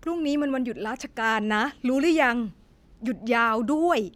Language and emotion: Thai, sad